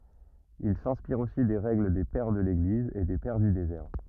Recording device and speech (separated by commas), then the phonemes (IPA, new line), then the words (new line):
rigid in-ear microphone, read sentence
il sɛ̃spiʁt osi de ʁɛɡl de pɛʁ də leɡliz e de pɛʁ dy dezɛʁ
Ils s'inspirent aussi des règles des Pères de l'Église et des Pères du désert.